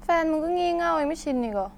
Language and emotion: Thai, frustrated